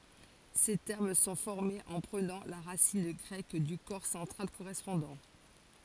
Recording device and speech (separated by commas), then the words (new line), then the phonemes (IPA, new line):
forehead accelerometer, read sentence
Ces termes sont formés en prenant la racine grecque du corps central correspondant.
se tɛʁm sɔ̃ fɔʁmez ɑ̃ pʁənɑ̃ la ʁasin ɡʁɛk dy kɔʁ sɑ̃tʁal koʁɛspɔ̃dɑ̃